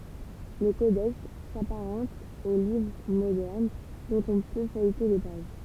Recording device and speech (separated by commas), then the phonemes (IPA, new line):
temple vibration pickup, read sentence
lə kodɛks sapaʁɑ̃t o livʁ modɛʁn dɔ̃t ɔ̃ pø fœjte le paʒ